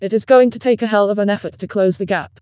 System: TTS, vocoder